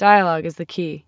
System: none